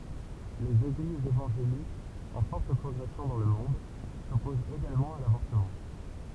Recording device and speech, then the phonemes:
temple vibration pickup, read sentence
lez eɡlizz evɑ̃ʒelikz ɑ̃ fɔʁt pʁɔɡʁɛsjɔ̃ dɑ̃ lə mɔ̃d sɔpozt eɡalmɑ̃ a lavɔʁtəmɑ̃

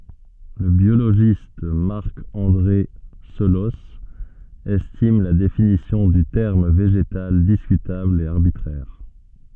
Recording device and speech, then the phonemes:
soft in-ear microphone, read sentence
lə bjoloʒist maʁk ɑ̃dʁe səlɔs ɛstim la definisjɔ̃ dy tɛʁm veʒetal diskytabl e aʁbitʁɛʁ

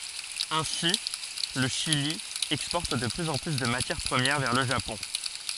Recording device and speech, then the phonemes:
forehead accelerometer, read sentence
ɛ̃si lə ʃili ɛkspɔʁt də plyz ɑ̃ ply də matjɛʁ pʁəmjɛʁ vɛʁ lə ʒapɔ̃

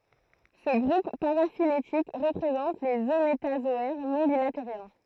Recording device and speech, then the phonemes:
throat microphone, read sentence
sə ɡʁup paʁafiletik ʁəpʁezɑ̃t lez ømetazɔɛʁ nɔ̃ bilateʁjɛ̃

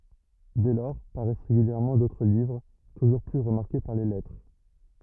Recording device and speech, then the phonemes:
rigid in-ear microphone, read sentence
dɛ lɔʁ paʁɛs ʁeɡyljɛʁmɑ̃ dotʁ livʁ tuʒuʁ ply ʁəmaʁke paʁ le lɛtʁe

